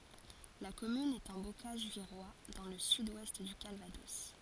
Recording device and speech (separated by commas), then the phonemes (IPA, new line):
forehead accelerometer, read sentence
la kɔmyn ɛt ɑ̃ bokaʒ viʁwa dɑ̃ lə syd wɛst dy kalvadɔs